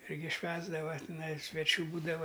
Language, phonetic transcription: Lithuanian, ˈirgi ˈšvęsdava tiˈnai sveˈčių ˈbūdava

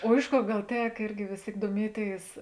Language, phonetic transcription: Lithuanian, o ˈiš ˌkor ˈgal ˈtek ˈirgi ˈvės ˌtėik duoˈmieˌtėis

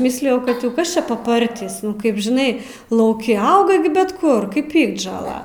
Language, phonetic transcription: Lithuanian, ˈmislijau kad jau ˈkas ˈčia paˈpartys ˈnu ˈkaip žiˈnai lauˈki ˈauga gi bet ˈkur kaip ˈpiktžola

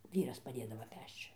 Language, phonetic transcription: Lithuanian, ˈvyras paˈdėdavo ˈpešč

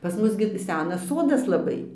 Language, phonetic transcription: Lithuanian, pas ˈmus gi ˈsenas ˈsodas laˈbai

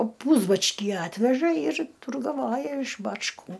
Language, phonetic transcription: Lithuanian, ˈpūsbačkį ˈatveža ir turgaˈvoja iš bačˈkų

